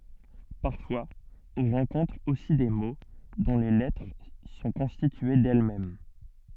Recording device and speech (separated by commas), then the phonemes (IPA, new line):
soft in-ear microphone, read sentence
paʁfwaz ɔ̃ ʁɑ̃kɔ̃tʁ osi de mo dɔ̃ le lɛtʁ sɔ̃ kɔ̃stitye dɛlmɛm